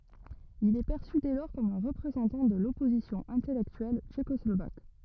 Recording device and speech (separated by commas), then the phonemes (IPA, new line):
rigid in-ear microphone, read sentence
il ɛ pɛʁsy dɛ lɔʁ kɔm œ̃ ʁəpʁezɑ̃tɑ̃ də lɔpozisjɔ̃ ɛ̃tɛlɛktyɛl tʃekɔslovak